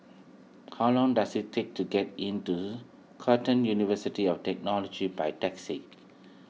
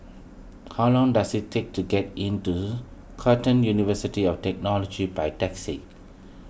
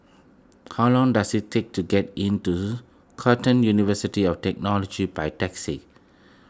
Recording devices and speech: mobile phone (iPhone 6), boundary microphone (BM630), close-talking microphone (WH20), read sentence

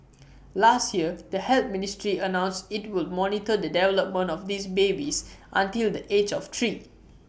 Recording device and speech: boundary microphone (BM630), read sentence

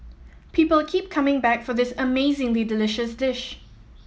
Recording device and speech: mobile phone (iPhone 7), read sentence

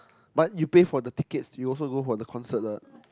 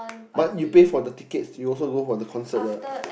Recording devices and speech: close-talking microphone, boundary microphone, conversation in the same room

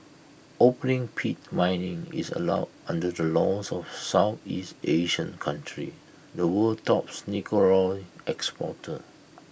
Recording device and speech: boundary microphone (BM630), read sentence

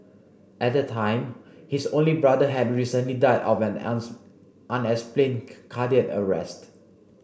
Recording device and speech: boundary microphone (BM630), read sentence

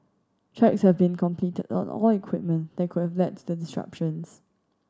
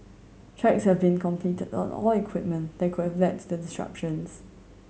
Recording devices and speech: standing microphone (AKG C214), mobile phone (Samsung C7100), read sentence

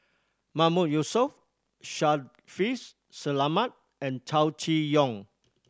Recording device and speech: standing microphone (AKG C214), read sentence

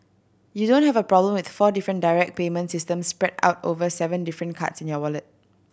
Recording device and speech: boundary microphone (BM630), read sentence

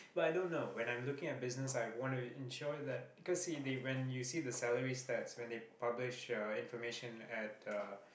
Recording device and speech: boundary microphone, conversation in the same room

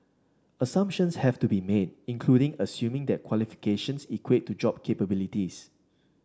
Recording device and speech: standing microphone (AKG C214), read sentence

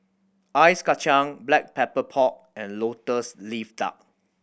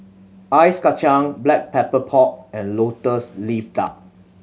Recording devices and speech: boundary microphone (BM630), mobile phone (Samsung C7100), read sentence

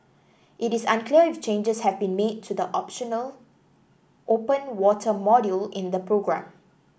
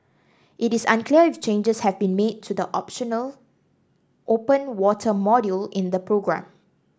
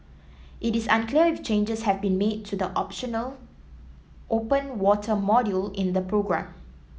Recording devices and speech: boundary microphone (BM630), standing microphone (AKG C214), mobile phone (iPhone 7), read sentence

